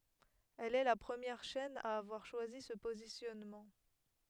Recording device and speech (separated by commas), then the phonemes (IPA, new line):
headset microphone, read sentence
ɛl ɛ la pʁəmjɛʁ ʃɛn a avwaʁ ʃwazi sə pozisjɔnmɑ̃